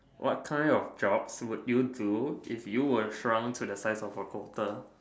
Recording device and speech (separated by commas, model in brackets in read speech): standing microphone, conversation in separate rooms